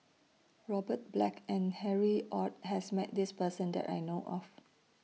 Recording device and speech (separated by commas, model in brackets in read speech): mobile phone (iPhone 6), read sentence